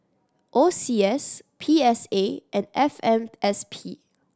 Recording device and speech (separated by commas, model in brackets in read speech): standing microphone (AKG C214), read sentence